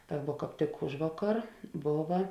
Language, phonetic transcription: Lithuanian, ˈta vuo kāp ˈtik ˈužvaˌkar ˈbova

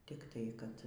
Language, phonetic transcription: Lithuanian, tikˈtai kad

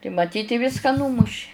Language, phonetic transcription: Lithuanian, tai maˈtyt i ˈviska ˈnūmuši

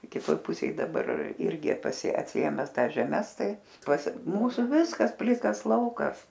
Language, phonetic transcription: Lithuanian, kiˈtoj ˈpusėj daˈbar ˈirgi paˈsi atsiˈėmes ˈtąs žeˈmes ˈtai pas ˈmūsu ˈviskas ˈplikas ˈlaukas

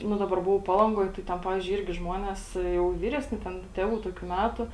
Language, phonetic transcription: Lithuanian, ˈnu ˈdabar ˈbuvau ˈpalangoj tai ˈten ˈpavizdžiui ˈirgi ˈžmuonės jau ˈvyresni ˈten ˈtėvų ˈtokiu ˈmætu

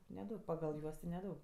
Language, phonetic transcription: Lithuanian, neˈdaug pagal ˈjuos ti neˈdaug

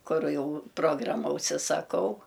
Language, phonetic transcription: Lithuanian, ˈkuru ˈjau ˈprograma užsisaˈkau

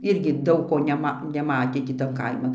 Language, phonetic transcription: Lithuanian, ˈirgi ˈdaug ko neˈma neˈmatė tį ˈtan ˈkaiman

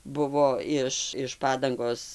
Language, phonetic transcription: Lithuanian, ˈbuvo ˈiš iš ˈpadangos

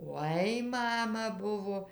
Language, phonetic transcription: Lithuanian, ˈoi ˈmama ˈbuvo

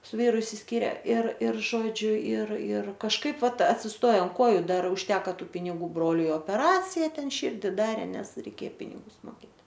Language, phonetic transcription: Lithuanian, su ˈvyru išsisˈkyre ir ir ˈžodžiu ir ir kažˈkaip ˈvat atsisˈtoja ant ˈkoju ˈdar užˈteka ˈtų piniˈgų ˈbroliui opeˈracija ˈten ˈširdi ˈdarė ˈnes reiˈkė ˈpinigus moˈkėt

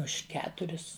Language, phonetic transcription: Lithuanian, už ˈketuris

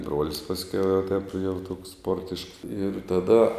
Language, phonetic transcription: Lithuanian, ˈbruolis pasˈkiau jau taip jau toks ˈsportišks ir taˈda

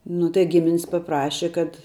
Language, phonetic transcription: Lithuanian, ˈnu tai ˈgiminis paˈpraše kad

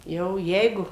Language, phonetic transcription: Lithuanian, ˈjau ˈjeigu

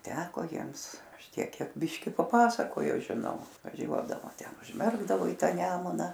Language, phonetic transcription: Lithuanian, ˈteko ˈjiems ˈaš ˈtiek ˈkiek ˈbiški paˈpasakojo žiˈnau vaˈžiuodavo ˈten užˈmerkdavo į ˈtą ˈnemuna

